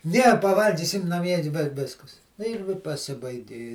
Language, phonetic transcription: Lithuanian, ˈne paˈvalgysim naˈmie i vi ˈviskas nu ir vi paˈsibaigi

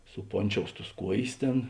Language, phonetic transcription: Lithuanian, suˈponˌčious tus ˈkuojės ˈtėn

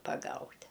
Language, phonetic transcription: Lithuanian, paˈgaut'

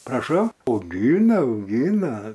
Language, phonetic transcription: Lithuanian, praˈšau auˈgyna auˈgyna

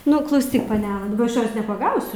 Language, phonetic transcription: Lithuanian, ˈnu klauˈsyk paˈnela ˈaš ˈjos nepaˈgausiu

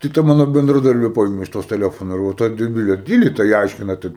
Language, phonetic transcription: Lithuanian, tai ˈta ˈmano bendraˈdarbė ˈpaėmė iš ˈtos teˈlefona ir ˈva tai deˈbilei ˈdyli tai ˈaiškina ˈtai

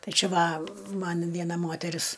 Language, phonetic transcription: Lithuanian, ˈtai ˈčia ˈva ˈman ˈviena ˈmoteris

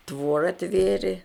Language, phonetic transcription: Lithuanian, ˈtvora ˈtvėrė

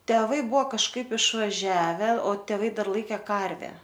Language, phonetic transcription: Lithuanian, teˈvai ˈbuvo kažˈkaip išvaˈžiave o teˈvai ˈdar ˈlaike ˈkarvę

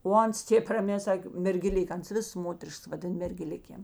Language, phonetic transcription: Lithuanian, o ˈans ˈtėp raˈmē ˈsakė mergeˈlik ˈans ˈvis ˈmoterišks vaˈdin mergeˈlikėm

